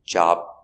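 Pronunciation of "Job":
In 'job', there is no b sound at the end; the word just stops.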